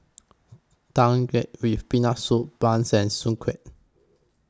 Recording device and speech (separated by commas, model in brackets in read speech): close-talking microphone (WH20), read sentence